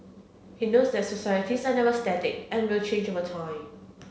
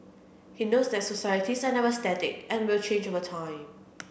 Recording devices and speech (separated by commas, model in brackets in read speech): mobile phone (Samsung C7), boundary microphone (BM630), read sentence